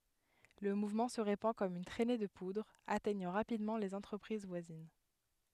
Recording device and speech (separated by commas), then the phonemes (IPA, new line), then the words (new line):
headset microphone, read sentence
lə muvmɑ̃ sə ʁepɑ̃ kɔm yn tʁɛne də pudʁ atɛɲɑ̃ ʁapidmɑ̃ lez ɑ̃tʁəpʁiz vwazin
Le mouvement se répand comme une trainée de poudre, atteignant rapidement les entreprises voisines.